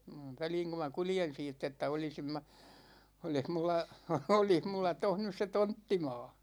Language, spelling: Finnish, väliin kun minä kuljen siitä että olisin minä olisi minulla olisi minulla tuossa nyt se tonttimaa
- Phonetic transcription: 'väliiŋ ku ma 'kuljen siitt ‿että » 'olisim mä , 'olih mulla , 'olih mulla 'toh nys se "tonttima̭a̭ « .

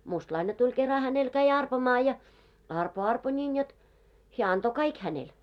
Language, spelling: Finnish, mustalainen tuli kerran hänelle kävi arpomaan ja arpoi arpoi niin jotta hän antoi kaikki hänelle
- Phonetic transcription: 'mustlaine tuĺ 'kera 'hänel käi 'arpomaa ja , 'arpo 'arpo ńin jot , 'heä anto "kaik hänel .

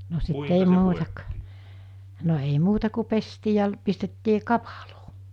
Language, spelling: Finnish, no sitten ei muuta - no ei muuta kuin pestiin ja pistettiin kapaloon
- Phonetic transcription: no sit 'ei 'muuta k- , no ei 'muuta ku 'pestii ja , pistettii 'kapᴀʟᴏᴏ .

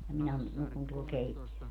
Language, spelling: Finnish, ja minä nukun tuolla -
- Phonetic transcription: ja 'minä , 'nukun tuol 'keitti)ö - .

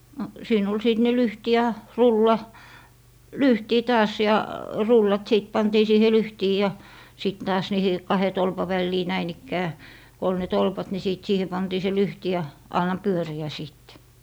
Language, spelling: Finnish, no siinä oli sitten ne lyhti ja rulla lyhtiin taas ja rullat sitten pantiin siihen lyhtiin ja sitten taas niihin kahden tolpan väliin näin ikään kun oli ne tolpat niin sitten siihen pantiin se lyhti ja anna pyöriä sitten
- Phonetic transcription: no , 'siin ‿ol 'sìt ne "lyhti ja "rulla , "lyhtii 'taas ja , 'rullat 'sìt 'pantii siihe "lyhtii ja , sit taas 'niihi , 'kahe 'tolpa "vällii 'näin ‿ikkää , ko ol ne 'tolpat ni 'sìt "siihe 'pantii se "lyhti ja , 'anna "pyöri₍ä sìttE .

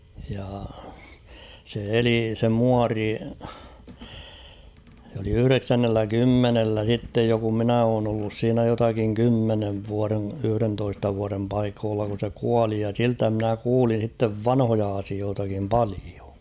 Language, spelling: Finnish, ja se eli se muori se oli yhdeksännellä kymmenellä sitten jo kun minä olen ollut siinä jotakin kymmenen vuoden yhdentoista vuoden paikoilla kun se kuoli ja siltä minä kuulin sitten vanhoja asioitakin paljon
- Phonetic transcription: ja , se 'eli se "muari , se ‿oli 'yhʸreksännellä "kymmenellä sittej jo kum 'minä oon ‿ollus siinä jotakiŋ 'kymmenev vuarḛ , 'yhʸrentoista vuarem paikoolla kun̬ se "kuali ja 'siltä mᵎnä 'kuulin̬ sittev "vanhoja asiootakim 'palio .

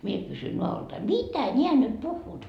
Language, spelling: Finnish, minä kysyi nadoltani mitä nämä nyt puhuvat
- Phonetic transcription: 'mie kysy 'noa₍oltai , » "mitä ńeä nyt 'puhhuut ? »

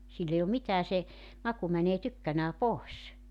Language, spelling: Finnish, sillä ei ole mitään se maku menee tykkänään pois
- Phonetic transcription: sill ‿ei om 'mitää se , 'maku mänee 'tykkänää "pòes .

